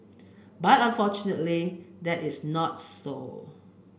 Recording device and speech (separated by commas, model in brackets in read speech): boundary microphone (BM630), read sentence